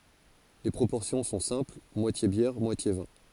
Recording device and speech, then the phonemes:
forehead accelerometer, read sentence
le pʁopɔʁsjɔ̃ sɔ̃ sɛ̃pl mwatje bjɛʁ mwatje vɛ̃

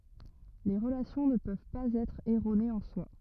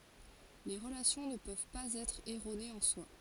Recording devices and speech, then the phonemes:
rigid in-ear microphone, forehead accelerometer, read sentence
le ʁəlasjɔ̃ nə pøv paz ɛtʁ ɛʁonez ɑ̃ swa

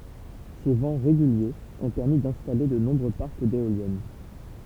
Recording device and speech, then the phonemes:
temple vibration pickup, read sentence
se vɑ̃ ʁeɡyljez ɔ̃ pɛʁmi dɛ̃stale də nɔ̃bʁø paʁk deoljɛn

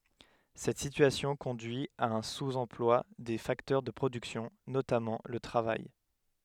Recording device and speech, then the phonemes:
headset microphone, read sentence
sɛt sityasjɔ̃ kɔ̃dyi a œ̃ suz ɑ̃plwa de faktœʁ də pʁodyksjɔ̃ notamɑ̃ lə tʁavaj

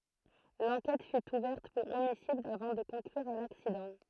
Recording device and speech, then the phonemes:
throat microphone, read sentence
lɑ̃kɛt fy uvɛʁt puʁ omisid avɑ̃ də kɔ̃klyʁ a laksidɑ̃

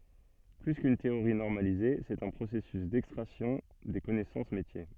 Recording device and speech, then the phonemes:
soft in-ear microphone, read sentence
ply kyn teoʁi nɔʁmalize sɛt œ̃ pʁosɛsys dɛkstʁaksjɔ̃ de kɔnɛsɑ̃s metje

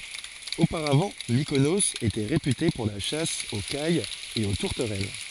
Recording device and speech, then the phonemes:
forehead accelerometer, read sentence
opaʁavɑ̃ mikonoz etɛ ʁepyte puʁ la ʃas o kajz e o tuʁtəʁɛl

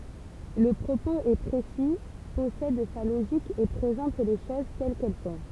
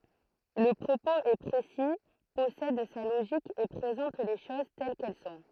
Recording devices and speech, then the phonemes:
temple vibration pickup, throat microphone, read sentence
lə pʁopoz ɛ pʁesi pɔsɛd sa loʒik e pʁezɑ̃t le ʃoz tɛl kɛl sɔ̃

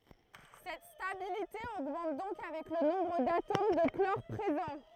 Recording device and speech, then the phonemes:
throat microphone, read sentence
sɛt stabilite oɡmɑ̃t dɔ̃k avɛk lə nɔ̃bʁ datom də klɔʁ pʁezɑ̃

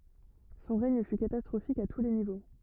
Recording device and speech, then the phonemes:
rigid in-ear microphone, read sentence
sɔ̃ ʁɛɲ fy katastʁofik a tu le nivo

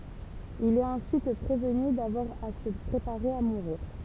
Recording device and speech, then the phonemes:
temple vibration pickup, read sentence
il ɛt ɑ̃syit pʁevny davwaʁ a sə pʁepaʁe a muʁiʁ

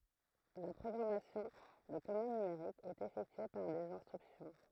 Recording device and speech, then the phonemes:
throat microphone, read sentence
la pʁɔɡʁamasjɔ̃ də kɔmɑ̃d nymeʁik ɛt efɛktye paʁ dez ɛ̃stʁyksjɔ̃

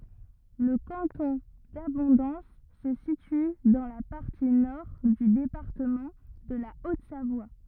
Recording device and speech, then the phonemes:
rigid in-ear microphone, read sentence
lə kɑ̃tɔ̃ dabɔ̃dɑ̃s sə sity dɑ̃ la paʁti nɔʁ dy depaʁtəmɑ̃ də la otzavwa

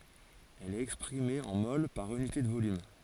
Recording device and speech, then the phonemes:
forehead accelerometer, read sentence
ɛl ɛt ɛkspʁime ɑ̃ mol paʁ ynite də volym

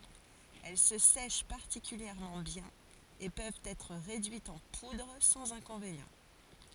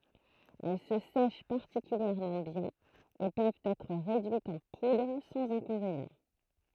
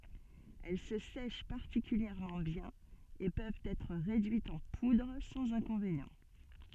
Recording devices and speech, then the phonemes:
forehead accelerometer, throat microphone, soft in-ear microphone, read sentence
ɛl sə sɛʃ paʁtikyljɛʁmɑ̃ bjɛ̃n e pøvt ɛtʁ ʁedyitz ɑ̃ pudʁ sɑ̃z ɛ̃kɔ̃venjɑ̃

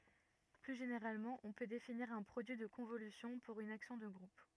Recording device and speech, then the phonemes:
rigid in-ear microphone, read sentence
ply ʒeneʁalmɑ̃ ɔ̃ pø definiʁ œ̃ pʁodyi də kɔ̃volysjɔ̃ puʁ yn aksjɔ̃ də ɡʁup

